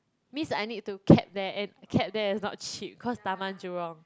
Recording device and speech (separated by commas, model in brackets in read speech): close-talking microphone, conversation in the same room